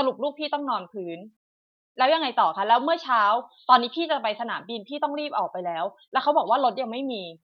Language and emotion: Thai, angry